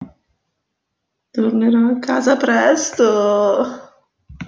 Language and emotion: Italian, disgusted